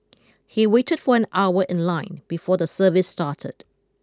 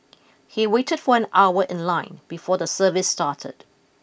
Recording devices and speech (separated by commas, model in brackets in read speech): close-talking microphone (WH20), boundary microphone (BM630), read sentence